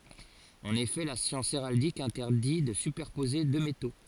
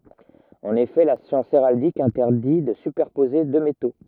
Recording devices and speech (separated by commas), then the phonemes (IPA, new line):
forehead accelerometer, rigid in-ear microphone, read sentence
ɑ̃n efɛ la sjɑ̃s eʁaldik ɛ̃tɛʁdi də sypɛʁpoze dø meto